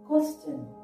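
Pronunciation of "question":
'Question' is pronounced incorrectly here.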